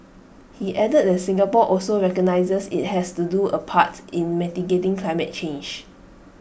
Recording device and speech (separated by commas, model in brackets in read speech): boundary microphone (BM630), read sentence